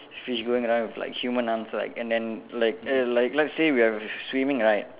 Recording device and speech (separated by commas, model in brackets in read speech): telephone, conversation in separate rooms